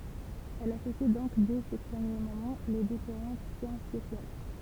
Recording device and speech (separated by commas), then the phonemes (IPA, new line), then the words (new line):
temple vibration pickup, read sentence
ɛl asosi dɔ̃k dɛ se pʁəmje momɑ̃ le difeʁɑ̃t sjɑ̃s sosjal
Elle associe donc dès ses premiers moments les différentes sciences sociales.